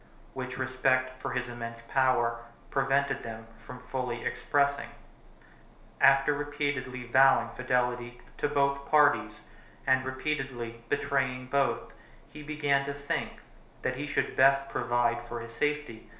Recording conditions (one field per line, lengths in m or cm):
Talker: one person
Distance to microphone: 1.0 m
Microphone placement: close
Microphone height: 1.1 m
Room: small (3.7 m by 2.7 m)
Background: none